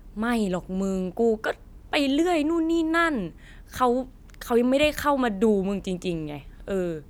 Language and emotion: Thai, neutral